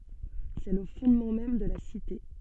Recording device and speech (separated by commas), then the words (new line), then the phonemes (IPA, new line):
soft in-ear microphone, read sentence
C'est le fondement même de la Cité.
sɛ lə fɔ̃dmɑ̃ mɛm də la site